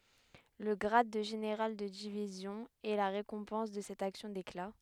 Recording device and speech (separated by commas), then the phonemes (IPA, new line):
headset microphone, read sentence
lə ɡʁad də ʒeneʁal də divizjɔ̃ ɛ la ʁekɔ̃pɑ̃s də sɛt aksjɔ̃ dekla